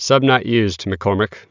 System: none